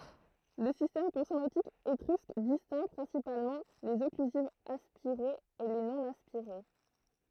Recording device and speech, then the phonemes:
throat microphone, read sentence
lə sistɛm kɔ̃sonɑ̃tik etʁysk distɛ̃ɡ pʁɛ̃sipalmɑ̃ lez ɔklyzivz aspiʁez e le nonaspiʁe

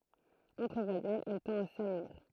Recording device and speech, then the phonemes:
throat microphone, read sentence
ɑ̃tʁ vwajɛlz ɛl tɑ̃t a samyiʁ

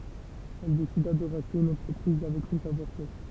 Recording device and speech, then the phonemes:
temple vibration pickup, read sentence
ɛl desida də ʁaʃte yn ɑ̃tʁəpʁiz avɛk sɔ̃ savwaʁ fɛʁ

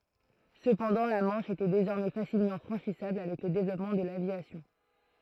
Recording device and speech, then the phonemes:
throat microphone, read sentence
səpɑ̃dɑ̃ la mɑ̃ʃ etɛ dezɔʁmɛ fasilmɑ̃ fʁɑ̃ʃisabl avɛk lə devlɔpmɑ̃ də lavjasjɔ̃

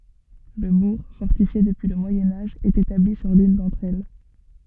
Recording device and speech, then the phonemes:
soft in-ear microphone, read sentence
lə buʁ fɔʁtifje dəpyi lə mwajɛ̃ aʒ ɛt etabli syʁ lyn dɑ̃tʁ ɛl

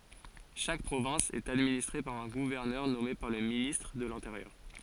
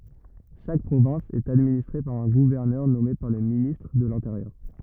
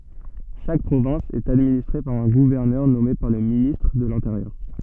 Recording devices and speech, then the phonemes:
forehead accelerometer, rigid in-ear microphone, soft in-ear microphone, read sentence
ʃak pʁovɛ̃s ɛt administʁe paʁ œ̃ ɡuvɛʁnœʁ nɔme paʁ lə ministʁ də lɛ̃teʁjœʁ

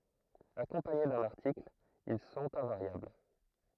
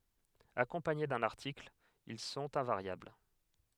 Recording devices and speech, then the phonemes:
throat microphone, headset microphone, read sentence
akɔ̃paɲe dœ̃n aʁtikl il sɔ̃t ɛ̃vaʁjabl

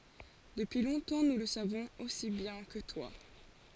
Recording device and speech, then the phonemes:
forehead accelerometer, read sentence
dəpyi lɔ̃tɑ̃ nu lə savɔ̃z osi bjɛ̃ kə twa

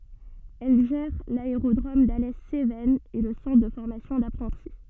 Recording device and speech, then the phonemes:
soft in-ear microphone, read sentence
ɛl ʒɛʁ laeʁodʁom dalɛ sevɛnz e lə sɑ̃tʁ də fɔʁmasjɔ̃ dapʁɑ̃ti

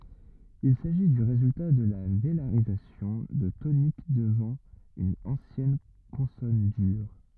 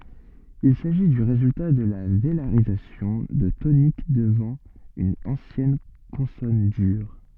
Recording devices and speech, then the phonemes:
rigid in-ear microphone, soft in-ear microphone, read sentence
il saʒi dy ʁezylta də la velaʁizasjɔ̃ də tonik dəvɑ̃ yn ɑ̃sjɛn kɔ̃sɔn dyʁ

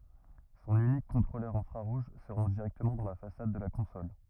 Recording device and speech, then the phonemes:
rigid in-ear microphone, read sentence
sɔ̃n ynik kɔ̃tʁolœʁ ɛ̃fʁaʁuʒ sə ʁɑ̃ʒ diʁɛktəmɑ̃ dɑ̃ la fasad də la kɔ̃sɔl

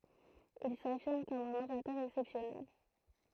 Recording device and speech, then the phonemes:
throat microphone, read sentence
il safiʁm kɔm œ̃n oʁatœʁ ɛksɛpsjɔnɛl

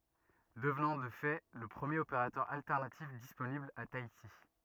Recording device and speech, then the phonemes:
rigid in-ear microphone, read sentence
dəvnɑ̃ də fɛ lə pʁəmjeʁ opeʁatœʁ altɛʁnatif disponibl a taiti

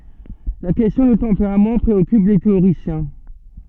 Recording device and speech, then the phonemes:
soft in-ear microphone, read sentence
la kɛstjɔ̃ dy tɑ̃peʁam pʁeɔkyp le teoʁisjɛ̃

